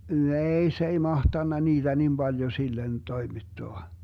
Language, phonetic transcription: Finnish, "neei 'se ei "mahtanna 'niiDä nim 'Baljo 'sillen 'toimittoa .
- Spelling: nej se ei mahtanut niitä niin paljon sille toimittaa

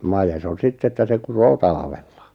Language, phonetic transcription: Finnish, 'majes on 'sitt ‿että 'se 'kuroo "talᵃᴠᴇʟʟᴀ .
- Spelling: made on sitten että se kutee talvella

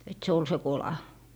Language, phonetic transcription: Finnish, et 'se ol se "kola .
- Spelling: että se oli se kola

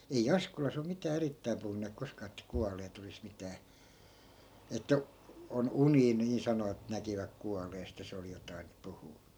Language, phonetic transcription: Finnish, ei 'askolas ‿om 'mitää 'erittäim puhunneek 'koskaa että "kualeet ‿olis 'mitää , että , 'on "unii nii 'sanovat näkiväk 'kualeest ja 'se oli jotain , 'puhuu .
- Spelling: ei Askolassa ole mitään erittäin puhuneet koskaan että kuolleet olisi mitään että on unia niin sanovat näkivät kuolleesta ja se oli jotakin puhunut

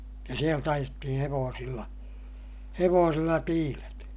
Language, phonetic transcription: Finnish, ja sielt ‿ajettihiḭ hevoosilla , hevoosilla tiilet .
- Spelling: ja sieltä ajettiin hevosilla hevosilla tiilet

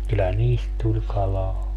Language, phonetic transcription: Finnish, kyllä "niist tuĺ 'kalaa .
- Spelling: kyllä niistä tuli kalaa

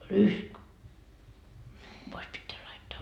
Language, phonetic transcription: Finnish, rysk , 'pois 'pitteä laittaa .
- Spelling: rysk pois pitää laittaa

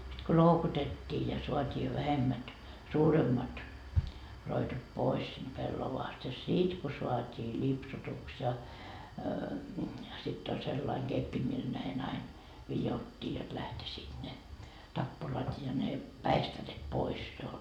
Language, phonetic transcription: Finnish, sit ko 'loukutet́t́ii ja soat́ii jo vähemmät , 'suuremmat , 'roitot 'pois sinD 'pellovaast ja "sit ko soat́ii 'ĺipsutuks ja , sitt ‿oĺ sellaiŋ 'Geppi mil näin ‿ain , 'vijottii jot lähtisiit ne , 'tappurat ja ne , "päistäret 'pois jo .
- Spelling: sitten kun loukutettiin ja saatiin jo vähemmät suuremmat roitot pois siitä pellavasta ja sitten kun saatiin lipsutuksi ja sitten oli sellainen keppi millä näin aina vidottiin jotta lähtisivät ne tappurat ja ne päistäret pois jo

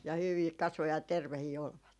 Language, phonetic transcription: Finnish, ja 'hyvii 'kasvo ja 'tervehii 'olvat .
- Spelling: ja hyvin kasvoi ja terveitä olivat

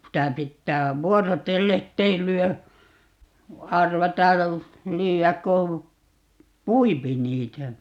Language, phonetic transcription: Finnish, 'sitä 'pittää , "vuoro"telle ‿ttei 'lyö , 'arvata , 'lyy₍äk ko , "puipi 'niitä .
- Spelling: sitä pitää vuorotellen että ei lyö arvata lyödä kun pui niitä

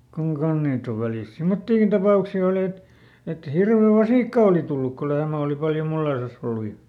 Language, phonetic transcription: Finnish, kuŋ ˈkan̬h ˈniit ‿ov ˈvälìst "simmottiikin ˈtapàuksi oli et , et ˈhirve "vasìkka òli tulluk ko ˈlehmä òli ˈpaljo ˈmulleⁱsas ‿ollu ja ,.
- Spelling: kun kanssa niitä on välistä semmoisiakin tapauksia oli että että hirven vasikka oli tullut kun lehmä oli paljon mulleissaan ollut ja

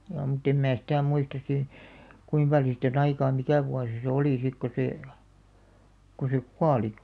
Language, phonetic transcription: Finnish, (jaa) mutt ‿em 'mä 'sitä̀ muistas si , 'kuim paljo siit ‿on 'aikaa "mikä̀ vuasi se "olì 'sik ko 'see , ko se "kuali .
- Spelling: jaa mutta en minä sitä muista sitten kuinka paljon siitä on aikaa mikä vuosi se oli sitten kun se kun se kuoli

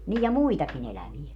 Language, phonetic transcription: Finnish, nij ja "muitaki'n ‿elävie .
- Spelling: niin ja muitakin eläviä

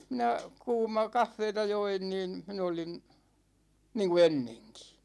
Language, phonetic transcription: Finnish, 'minä , 'kuuma , 'kaffeeta 'join niin̬ , 'min ‿olin̬ , 'niiŋku "enneŋkI .
- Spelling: minä kuuma kahvia join niin minä olin niin kuin ennenkin

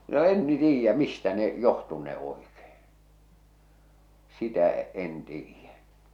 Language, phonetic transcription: Finnish, no 'en ni 'tiijjä 'mistä ne , 'johtunne oikee , 'sitä , 'en 'tiijjä .
- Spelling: no en niin tiedä mistä ne johtunee oikein sitä en tiedä

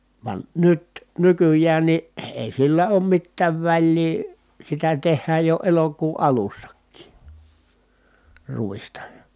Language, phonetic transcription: Finnish, van nyt , nykyj̆jään ni , èi sillä oom mittääv väĺlii , sitä teh̆hääj jo elokuu ʼalussakkii , ruista .
- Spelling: vaan nyt nykyään niin ei sillä ole mitään väliä sitä tehdään jo elokuun alussakin ruista

